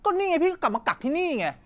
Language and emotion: Thai, angry